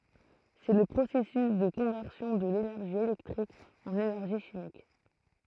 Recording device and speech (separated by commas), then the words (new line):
throat microphone, read sentence
C'est le processus de conversion de l'énergie électrique en énergie chimique.